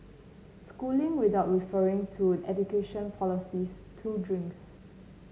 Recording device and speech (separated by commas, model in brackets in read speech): mobile phone (Samsung C9), read sentence